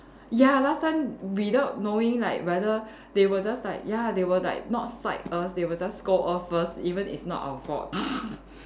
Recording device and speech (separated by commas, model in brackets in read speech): standing microphone, conversation in separate rooms